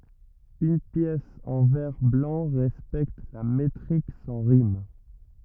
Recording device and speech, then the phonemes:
rigid in-ear microphone, read sentence
yn pjɛs ɑ̃ vɛʁ blɑ̃ ʁɛspɛkt la metʁik sɑ̃ ʁim

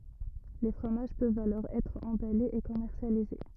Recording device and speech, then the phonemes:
rigid in-ear microphone, read sentence
le fʁomaʒ pøvt alɔʁ ɛtʁ ɑ̃balez e kɔmɛʁsjalize

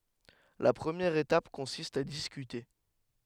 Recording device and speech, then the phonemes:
headset microphone, read sentence
la pʁəmjɛʁ etap kɔ̃sist a diskyte

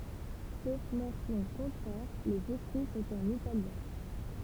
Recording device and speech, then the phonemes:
temple vibration pickup, read sentence
sof mɑ̃sjɔ̃ kɔ̃tʁɛʁ lez ekʁi sɔ̃t ɑ̃n italjɛ̃

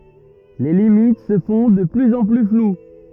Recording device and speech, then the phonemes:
rigid in-ear microphone, read sentence
le limit sə fɔ̃ də plyz ɑ̃ ply flw

